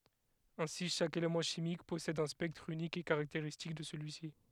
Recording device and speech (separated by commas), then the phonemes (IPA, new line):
headset microphone, read sentence
ɛ̃si ʃak elemɑ̃ ʃimik pɔsɛd œ̃ spɛktʁ ynik e kaʁakteʁistik də səlyi si